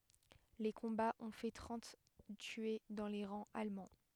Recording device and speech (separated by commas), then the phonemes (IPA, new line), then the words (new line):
headset microphone, read sentence
le kɔ̃baz ɔ̃ fɛ tʁɑ̃t tye dɑ̃ le ʁɑ̃z almɑ̃
Les combats ont fait trente tués dans les rangs allemands.